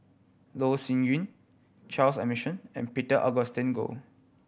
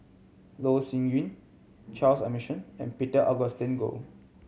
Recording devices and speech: boundary microphone (BM630), mobile phone (Samsung C7100), read sentence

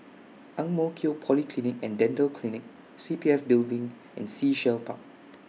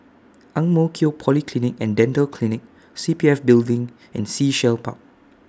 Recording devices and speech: mobile phone (iPhone 6), standing microphone (AKG C214), read sentence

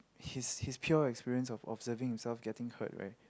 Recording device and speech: close-talking microphone, conversation in the same room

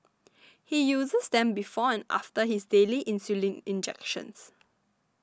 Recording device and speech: standing microphone (AKG C214), read sentence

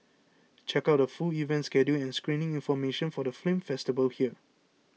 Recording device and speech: mobile phone (iPhone 6), read sentence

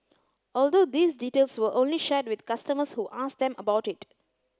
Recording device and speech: close-talking microphone (WH30), read sentence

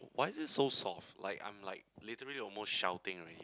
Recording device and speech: close-talking microphone, conversation in the same room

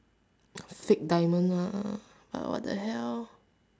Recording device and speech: standing microphone, conversation in separate rooms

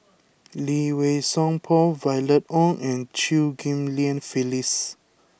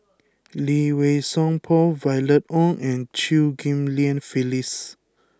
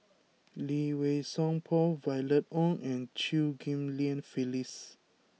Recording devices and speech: boundary microphone (BM630), close-talking microphone (WH20), mobile phone (iPhone 6), read sentence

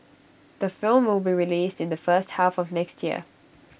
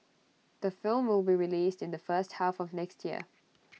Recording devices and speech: boundary microphone (BM630), mobile phone (iPhone 6), read sentence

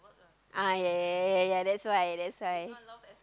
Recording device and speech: close-talking microphone, conversation in the same room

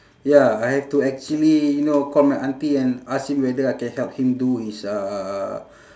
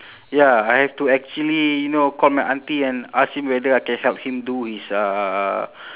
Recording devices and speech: standing microphone, telephone, conversation in separate rooms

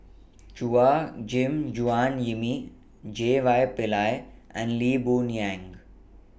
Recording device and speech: boundary microphone (BM630), read sentence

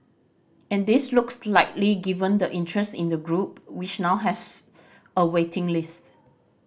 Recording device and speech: boundary microphone (BM630), read sentence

